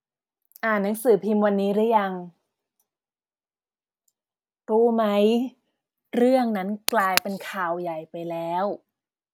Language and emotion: Thai, frustrated